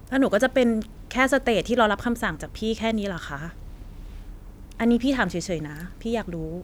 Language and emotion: Thai, neutral